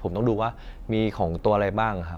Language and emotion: Thai, neutral